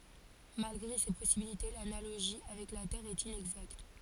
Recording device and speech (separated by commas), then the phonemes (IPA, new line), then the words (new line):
forehead accelerometer, read sentence
malɡʁe se pɔsibilite lanaloʒi avɛk la tɛʁ ɛt inɛɡzakt
Malgré ces possibilités, l’analogie avec la Terre est inexacte.